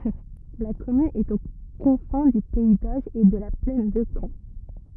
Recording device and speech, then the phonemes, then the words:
rigid in-ear microphone, read sentence
la kɔmyn ɛt o kɔ̃fɛ̃ dy pɛi doʒ e də la plɛn də kɑ̃
La commune est aux confins du pays d'Auge et de la plaine de Caen.

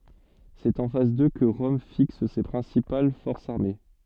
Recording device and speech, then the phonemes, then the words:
soft in-ear microphone, read sentence
sɛt ɑ̃ fas dø kə ʁɔm fiks se pʁɛ̃sipal fɔʁsz aʁme
C'est en face d'eux que Rome fixe ses principales forces armées.

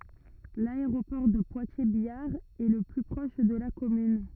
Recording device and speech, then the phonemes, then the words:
rigid in-ear microphone, read sentence
laeʁopɔʁ də pwatjɛʁzbjaʁ ɛ lə ply pʁɔʃ də la kɔmyn
L'aéroport de Poitiers-Biard est le plus proche de la commune.

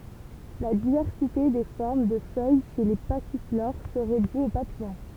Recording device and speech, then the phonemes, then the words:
temple vibration pickup, read sentence
la divɛʁsite de fɔʁm də fœj ʃe le pasifloʁ səʁɛ dy o papijɔ̃
La diversité des formes de feuilles chez les passiflores serait due aux papillons.

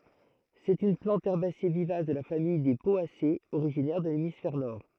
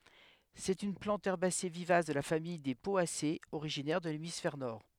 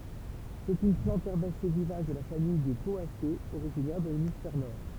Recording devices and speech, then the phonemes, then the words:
throat microphone, headset microphone, temple vibration pickup, read sentence
sɛt yn plɑ̃t ɛʁbase vivas də la famij de pɔasez oʁiʒinɛʁ də lemisfɛʁ nɔʁ
C'est une plante herbacée vivace de la famille des Poacées, originaire de l'hémisphère Nord.

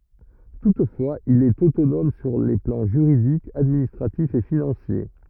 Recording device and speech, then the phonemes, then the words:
rigid in-ear microphone, read sentence
tutfwaz il ɛt otonɔm syʁ le plɑ̃ ʒyʁidik administʁatif e finɑ̃sje
Toutefois, il est autonome sur les plans juridique, administratif et financier.

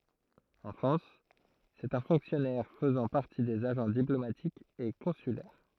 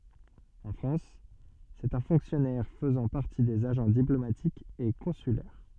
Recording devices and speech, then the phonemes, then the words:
throat microphone, soft in-ear microphone, read sentence
ɑ̃ fʁɑ̃s sɛt œ̃ fɔ̃ksjɔnɛʁ fəzɑ̃ paʁti dez aʒɑ̃ diplomatikz e kɔ̃sylɛʁ
En France, c’est un fonctionnaire faisant partie des agents diplomatiques et consulaires.

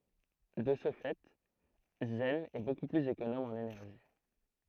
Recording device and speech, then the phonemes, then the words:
throat microphone, read sentence
də sə fɛ zɛn ɛ boku plyz ekonom ɑ̃n enɛʁʒi
De ce fait, Zen est beaucoup plus économe en énergie.

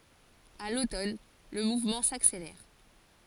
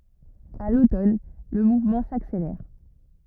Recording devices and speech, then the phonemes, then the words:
forehead accelerometer, rigid in-ear microphone, read sentence
a lotɔn lə muvmɑ̃ sakselɛʁ
À l’automne, le mouvement s’accélère.

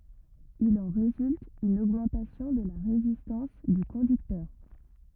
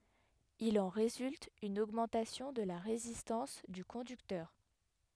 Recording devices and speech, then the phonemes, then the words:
rigid in-ear microphone, headset microphone, read sentence
il ɑ̃ ʁezylt yn oɡmɑ̃tasjɔ̃ də la ʁezistɑ̃s dy kɔ̃dyktœʁ
Il en résulte une augmentation de la résistance du conducteur.

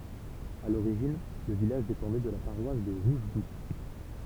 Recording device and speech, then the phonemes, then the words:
temple vibration pickup, read sentence
a loʁiʒin lə vilaʒ depɑ̃dɛ də la paʁwas də ʁuʒɡut
À l'origine, le village dépendait de la paroisse de Rougegoutte.

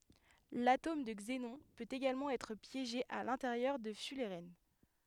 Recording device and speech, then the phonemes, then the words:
headset microphone, read sentence
latom də ɡzenɔ̃ pøt eɡalmɑ̃ ɛtʁ pjeʒe a lɛ̃teʁjœʁ də fylʁɛn
L'atome de xénon peut également être piégé à l'intérieur de fullerènes.

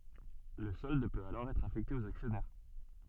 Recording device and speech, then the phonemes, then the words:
soft in-ear microphone, read sentence
lə sɔld pøt alɔʁ ɛtʁ afɛkte oz aksjɔnɛʁ
Le solde peut alors être affecté aux actionnaires.

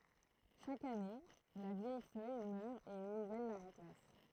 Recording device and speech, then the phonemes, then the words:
throat microphone, read sentence
ʃak ane la vjɛj fœj mœʁ e yn nuvɛl la ʁɑ̃plas
Chaque année, la vieille feuille meurt et une nouvelle la remplace.

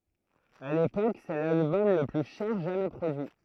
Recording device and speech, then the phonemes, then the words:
throat microphone, read sentence
a lepok sɛ lalbɔm lə ply ʃɛʁ ʒamɛ pʁodyi
À l’époque, c’est l’album le plus cher jamais produit.

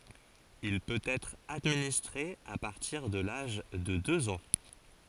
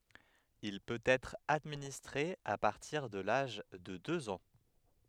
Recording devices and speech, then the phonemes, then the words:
forehead accelerometer, headset microphone, read sentence
il pøt ɛtʁ administʁe a paʁtiʁ də laʒ də døz ɑ̃
Il peut être administré à partir de l’âge de deux ans.

